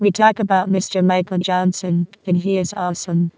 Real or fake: fake